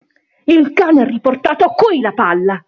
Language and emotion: Italian, angry